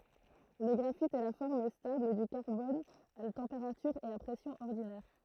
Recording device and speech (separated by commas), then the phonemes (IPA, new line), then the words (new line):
throat microphone, read sentence
lə ɡʁafit ɛ la fɔʁm stabl dy kaʁbɔn a tɑ̃peʁatyʁ e a pʁɛsjɔ̃z ɔʁdinɛʁ
Le graphite est la forme stable du carbone à température et à pressions ordinaires.